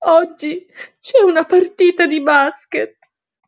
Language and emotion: Italian, sad